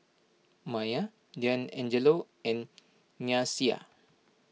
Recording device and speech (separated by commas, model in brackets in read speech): mobile phone (iPhone 6), read sentence